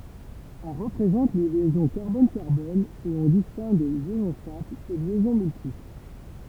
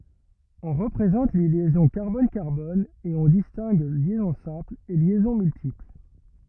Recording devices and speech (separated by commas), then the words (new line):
temple vibration pickup, rigid in-ear microphone, read sentence
On représente les liaisons carbone-carbone et on distingue liaison simple et liaisons multiples.